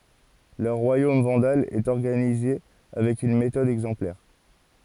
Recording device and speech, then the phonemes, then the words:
forehead accelerometer, read sentence
lœʁ ʁwajom vɑ̃dal ɛt ɔʁɡanize avɛk yn metɔd ɛɡzɑ̃plɛʁ
Leur Royaume vandale est organisé avec une méthode exemplaire.

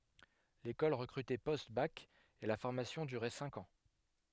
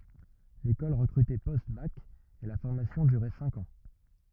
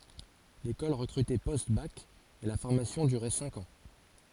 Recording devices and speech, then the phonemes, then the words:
headset microphone, rigid in-ear microphone, forehead accelerometer, read sentence
lekɔl ʁəkʁytɛ postbak e la fɔʁmasjɔ̃ dyʁɛ sɛ̃k ɑ̃
L'école recrutait post-bac et la formation durait cinq ans.

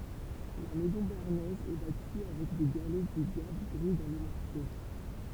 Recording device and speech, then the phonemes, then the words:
temple vibration pickup, read sentence
la mɛzɔ̃ beaʁnɛz ɛ bati avɛk de ɡalɛ dy ɡav ɡʁi dɑ̃ lə mɔʁtje
La maison béarnaise est bâtie avec des galets du gave gris dans le mortier.

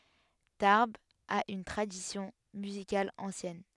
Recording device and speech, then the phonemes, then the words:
headset microphone, read sentence
taʁbz a yn tʁadisjɔ̃ myzikal ɑ̃sjɛn
Tarbes a une tradition musicale ancienne.

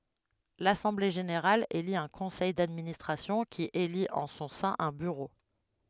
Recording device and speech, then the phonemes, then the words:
headset microphone, read sentence
lasɑ̃ble ʒeneʁal eli œ̃ kɔ̃sɛj dadministʁasjɔ̃ ki elit ɑ̃ sɔ̃ sɛ̃ œ̃ byʁo
L'assemblée générale élit un conseil d'administration qui élit en son sein un bureau.

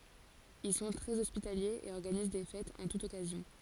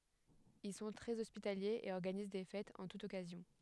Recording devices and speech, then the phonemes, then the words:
forehead accelerometer, headset microphone, read sentence
il sɔ̃ tʁɛz ɔspitaljez e ɔʁɡaniz de fɛtz ɑ̃ tut ɔkazjɔ̃
Ils sont très hospitaliers et organisent des fêtes en toute occasion.

